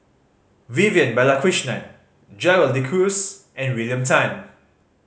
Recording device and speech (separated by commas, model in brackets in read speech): mobile phone (Samsung C5010), read sentence